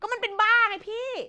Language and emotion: Thai, angry